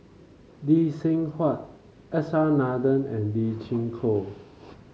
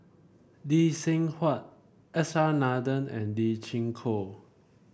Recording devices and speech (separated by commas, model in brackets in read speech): mobile phone (Samsung C5), boundary microphone (BM630), read sentence